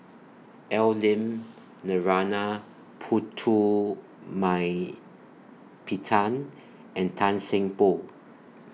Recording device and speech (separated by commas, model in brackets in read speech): mobile phone (iPhone 6), read sentence